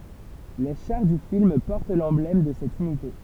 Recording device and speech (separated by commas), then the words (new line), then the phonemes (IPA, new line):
temple vibration pickup, read sentence
Les chars du film portent l'emblème de cette unité.
le ʃaʁ dy film pɔʁt lɑ̃blɛm də sɛt ynite